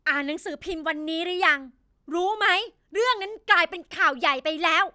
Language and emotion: Thai, angry